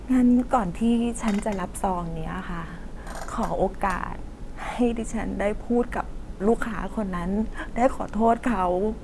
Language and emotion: Thai, sad